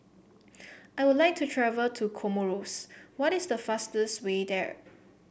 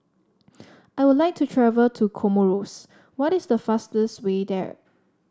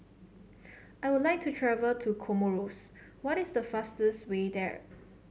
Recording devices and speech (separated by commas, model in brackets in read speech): boundary microphone (BM630), standing microphone (AKG C214), mobile phone (Samsung C7), read sentence